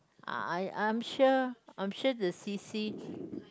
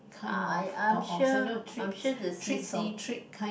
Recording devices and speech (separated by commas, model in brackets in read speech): close-talking microphone, boundary microphone, conversation in the same room